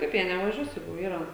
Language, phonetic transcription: Lithuanian, ˈkaip jie nevaˈžiuos ˈjeigu ˈyra

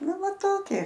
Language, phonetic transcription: Lithuanian, ˈnu ˈva ˈtokie

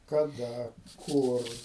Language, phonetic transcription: Lithuanian, kaˈda ˈkur

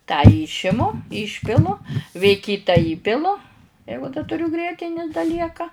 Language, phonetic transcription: Lithuanian, tą ˈyšimu ˈyšpilu vė ˈkyta ˈįpilu ˈjeigu da tuˈriu ˈgrietini da ˈlieka

